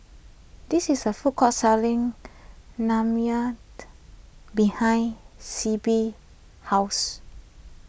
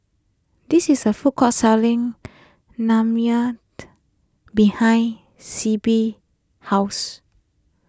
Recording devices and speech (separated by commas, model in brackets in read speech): boundary microphone (BM630), close-talking microphone (WH20), read sentence